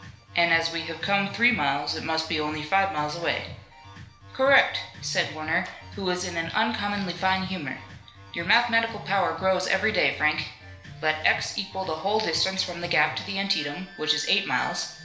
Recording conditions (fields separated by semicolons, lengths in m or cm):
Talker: one person; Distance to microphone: 1.0 m; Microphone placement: close; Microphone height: 1.1 m; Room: small (3.7 m by 2.7 m); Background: music